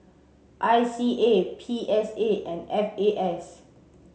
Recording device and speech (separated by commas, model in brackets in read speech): mobile phone (Samsung C7), read sentence